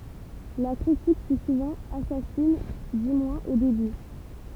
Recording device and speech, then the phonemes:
temple vibration pickup, read sentence
la kʁitik fy suvɑ̃ asasin dy mwɛ̃z o deby

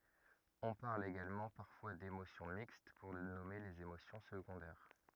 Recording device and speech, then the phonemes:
rigid in-ear microphone, read sentence
ɔ̃ paʁl eɡalmɑ̃ paʁfwa demosjɔ̃ mikst puʁ nɔme lez emosjɔ̃ səɡɔ̃dɛʁ

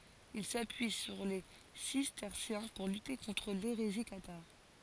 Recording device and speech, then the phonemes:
forehead accelerometer, read sentence
il sapyi syʁ le sistɛʁsjɛ̃ puʁ lyte kɔ̃tʁ leʁezi kataʁ

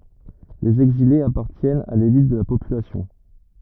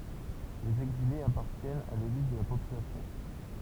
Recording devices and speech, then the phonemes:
rigid in-ear microphone, temple vibration pickup, read sentence
lez ɛɡzilez apaʁtjɛnt a lelit də la popylasjɔ̃

